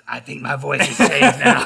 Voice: gruff